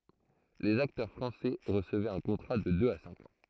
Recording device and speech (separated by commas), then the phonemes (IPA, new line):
throat microphone, read sentence
lez aktœʁ fʁɑ̃sɛ ʁəsəvɛt œ̃ kɔ̃tʁa də døz a sɛ̃k ɑ̃